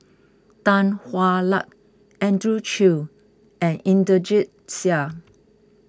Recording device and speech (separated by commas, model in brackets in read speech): close-talking microphone (WH20), read sentence